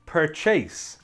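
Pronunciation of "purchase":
'Purchase' is pronounced incorrectly here.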